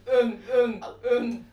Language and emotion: Thai, happy